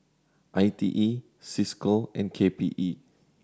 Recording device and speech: standing microphone (AKG C214), read sentence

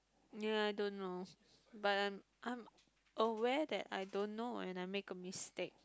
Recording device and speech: close-talking microphone, conversation in the same room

